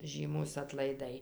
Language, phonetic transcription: Lithuanian, ˈžymūs atlaiˈdai

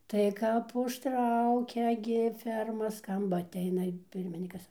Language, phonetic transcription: Lithuanian, tai kap užˈtraukia gi ˈferma ˈskamba atˈeina i ˈpirminykas

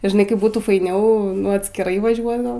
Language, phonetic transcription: Lithuanian, i žiˈnai ˈkaip ˈbūtų faiˈniau atskiˈrai vaˈžiuot gal

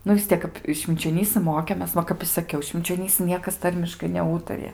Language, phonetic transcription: Lithuanian, ˈnu vis ˈtiek kap švinčioˈnysɨ ˈmokėmės ˈva kap i saˈkiau švinčioˈnysɨ ˈniekas ˈtarmiškai neˈūtarija

